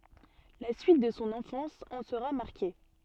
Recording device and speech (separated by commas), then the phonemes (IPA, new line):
soft in-ear microphone, read sentence
la syit də sɔ̃ ɑ̃fɑ̃s ɑ̃ səʁa maʁke